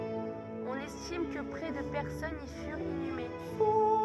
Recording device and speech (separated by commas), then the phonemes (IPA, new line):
rigid in-ear microphone, read sentence
ɔ̃n ɛstim kə pʁɛ də pɛʁsɔnz i fyʁt inyme